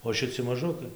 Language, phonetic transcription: Lithuanian, o šiˈci maˈžukai

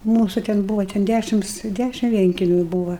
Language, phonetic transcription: Lithuanian, ˈmūsu ten ˈbūva ten ˈdæšims ˈdæšim ˈvienkemiu ˈbūva

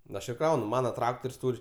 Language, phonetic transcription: Lithuanian, nu ˈaš ir ˈkraunu ˈmana ˈtraktor's' ˈtūr'

